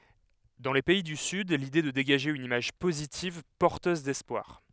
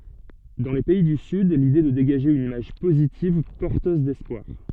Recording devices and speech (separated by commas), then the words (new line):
headset microphone, soft in-ear microphone, read sentence
Dans les pays du Sud, l’idée est de dégager une image positive, porteuse d’espoir.